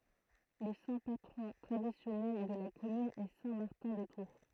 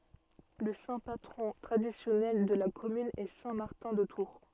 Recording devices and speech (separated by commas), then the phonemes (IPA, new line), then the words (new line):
throat microphone, soft in-ear microphone, read sentence
lə sɛ̃ patʁɔ̃ tʁadisjɔnɛl də la kɔmyn ɛ sɛ̃ maʁtɛ̃ də tuʁ
Le saint patron traditionnel de la commune est saint Martin de Tours.